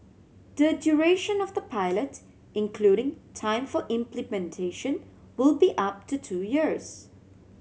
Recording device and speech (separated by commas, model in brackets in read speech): mobile phone (Samsung C7100), read sentence